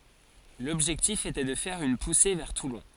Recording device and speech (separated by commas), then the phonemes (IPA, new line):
forehead accelerometer, read sentence
lɔbʒɛktif etɛ də fɛʁ yn puse vɛʁ tulɔ̃